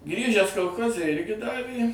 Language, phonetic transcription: Lithuanian, ˈgrįžęs kolˈchoze ˈirgi ˈdavė

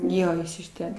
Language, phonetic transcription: Lithuanian, ˈjo ˈjis iš ˈten

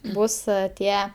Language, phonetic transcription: Lithuanian, ˈbus ˈtie

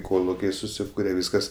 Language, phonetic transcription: Lithuanian, ˈkolukiai suˈsykure ˈvyskas

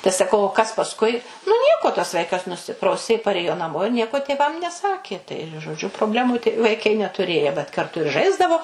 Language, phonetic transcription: Lithuanian, tai saˈkau o kas pasˈkui nu ˈnieko tas ˈvaikas nuˈsiprausė paˈrėjo naˈmo ir ˈnieko tėˈvam neˈsakė tai žoˈdžiu probˈlemų tai vaiˈkai netuˈrėja vat karˈtu ir ˈžaisdavo

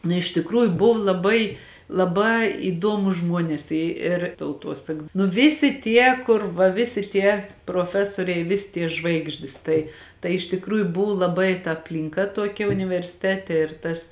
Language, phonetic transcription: Lithuanian, nu iš tikˈrųju ˈbuv laˈbai laˈbā įˈduomus ˈžmuones ˈi ir tauˈtuosak nu ˈvisi ˈtie ˈkur va ˈvisi ˈtie proˈfesoriai ˈvisi tie ˈžvaigždis ˈtai tai iš tikˈrųju ˈbuvu laˈbai ta aplinˈka ˈtuokia universiˈtete ir ˈtas

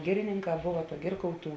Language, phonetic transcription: Lithuanian, ˈgirininˌkā ˈbova ˈgirkauˌtų

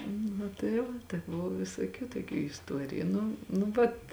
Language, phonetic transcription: Lithuanian, nu tai ˈva tai ˈbuvo visoˈkių toˈkių isˈtuoriju ˈnu nu ˈvat

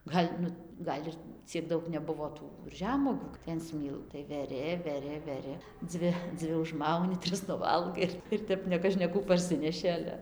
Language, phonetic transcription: Lithuanian, ˈgal' nu ˈgal' ir ciek ˈdaug neˈbuvo ˈtų ˈžemuogių tai an ˈsmyl tai veˈri veˈri veˈri ˈdzvi ˈdzvi užˈmauni ˈtris nuˈvalgai ir ir ˈtep nekažkeˈkų parˈsineši ˈale

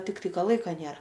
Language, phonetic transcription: Lithuanian, tikˈtai ˈka ˈlaika ˈnėra

